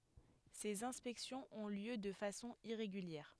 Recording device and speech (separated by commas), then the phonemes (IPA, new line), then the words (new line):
headset microphone, read sentence
sez ɛ̃spɛksjɔ̃z ɔ̃ ljø də fasɔ̃ iʁeɡyljɛʁ
Ces inspections ont lieu de façon irrégulière.